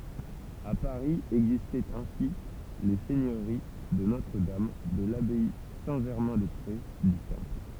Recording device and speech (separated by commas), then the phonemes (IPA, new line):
temple vibration pickup, read sentence
a paʁi ɛɡzistɛt ɛ̃si le sɛɲøʁi də notʁədam də labaj sɛ̃tʒɛʁmɛ̃dɛspʁe dy tɑ̃pl